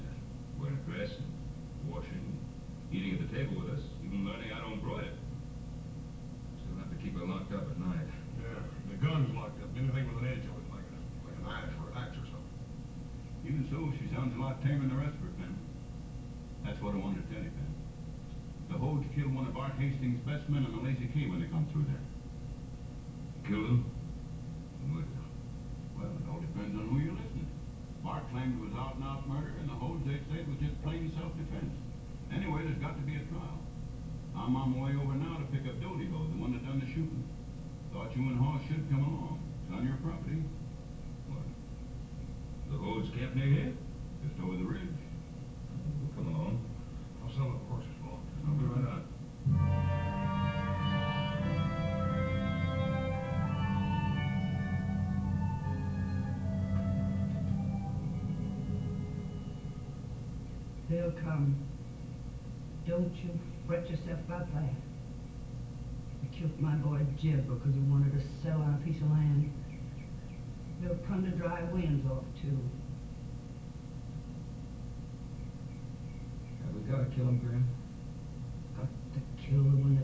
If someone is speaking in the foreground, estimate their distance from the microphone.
No main talker.